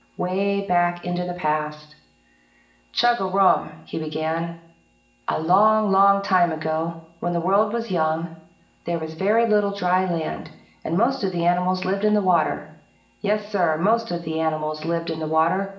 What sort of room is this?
A spacious room.